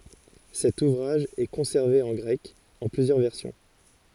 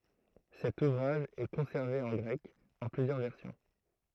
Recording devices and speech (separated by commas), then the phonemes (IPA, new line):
forehead accelerometer, throat microphone, read sentence
sɛt uvʁaʒ ɛ kɔ̃sɛʁve ɑ̃ ɡʁɛk ɑ̃ plyzjœʁ vɛʁsjɔ̃